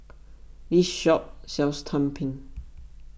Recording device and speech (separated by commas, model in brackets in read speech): boundary microphone (BM630), read sentence